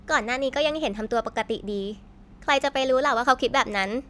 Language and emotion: Thai, neutral